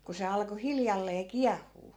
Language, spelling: Finnish, kun se alkoi hiljalleen kiehua
- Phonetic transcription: ku se 'alko 'hiljallee "kiahhuu .

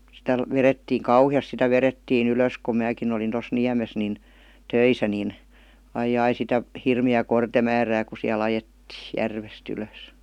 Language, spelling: Finnish, sitä vedettiin kauheasti sitä vedettiin ylös kun minäkin olin tuossa Niemessä niin töissä niin aijaijai sitä hirmeää kortemäärää kun siellä ajettiin järvestä ylös
- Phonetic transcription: sitä , 'verettiiŋ "kauhi₍as sitä 'verettii'n ‿ylö̀s ku 'määkin ‿olin tos "Niämes nin , "töisä nin , 'aij̆'j‿ai sitä , 'hirmi₍ää 'kortemäärää ku siä'l ‿ajettii , "järves't ‿ylö̀s .

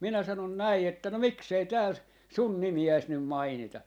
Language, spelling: Finnish, minä sanoin näin että no miksi ei täällä sinun nimeäsi nyt mainita
- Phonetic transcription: 'minä 'sanon 'näi että » no "miksei 'tääl , 'sun 'nimi₍äis nym 'mainita » .

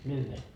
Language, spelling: Finnish, lyhyen
- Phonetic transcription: » 'lyhve . »

